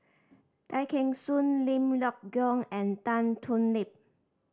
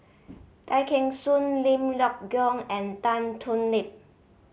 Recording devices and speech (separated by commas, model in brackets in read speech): standing microphone (AKG C214), mobile phone (Samsung C5010), read sentence